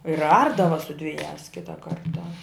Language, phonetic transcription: Lithuanian, ir ˈardava su dviˈjās ˈkitą ˈkartą

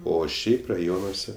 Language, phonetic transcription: Lithuanian, ˈo ˈšiaip raˈjonuose

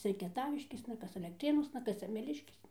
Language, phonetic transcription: Lithuanian, ˈcia i kieˈtaviškėsna ˈkas alekˈtrėnuosna ˈkas semeˈliškėsna

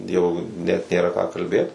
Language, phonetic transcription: Lithuanian, ˈjau net nėˈra ką kalˈbėt

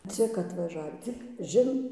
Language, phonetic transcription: Lithuanian, ˈcik atvaˈžavį cik ˈžin

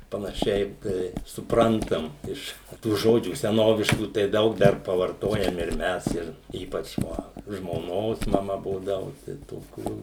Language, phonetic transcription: Lithuanian, panaˈšiai ˈtai suˈprantam ˈiš tų ˈžodžių seˈnoviškų tai ˈdaug ˈdar pavarˈtojam ir ˈmes ˈir ˈypač va žmoˈnos maˈma ˈbūdavu tai toˈkių

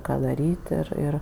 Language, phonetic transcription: Lithuanian, ˈką daˈryt' ˈir ˈir

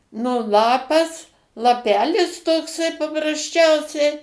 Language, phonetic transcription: Lithuanian, nu ˈlapas laˈpelis tokˈsai paprasˈčiausiai

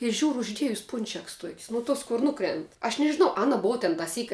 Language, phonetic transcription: Lithuanian, i ˈžiūru ˈuždiejus ˈpunčeks tuok's' nu ˈtuos kur ˈnukrent aš nežiˈnau ˈana ˈbova ten taˈsyk'

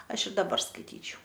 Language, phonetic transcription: Lithuanian, ˈaš ir daˈbar skaiˈtyčiau

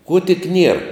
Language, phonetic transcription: Lithuanian, kuo tik ˈnier

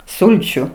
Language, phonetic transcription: Lithuanian, ˈsulčiu

